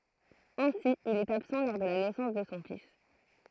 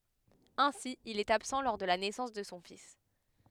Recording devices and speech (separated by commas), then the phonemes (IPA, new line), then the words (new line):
throat microphone, headset microphone, read sentence
ɛ̃si il ɛt absɑ̃ lɔʁ də la nɛsɑ̃s də sɔ̃ fis
Ainsi il est absent lors de la naissance de son fils.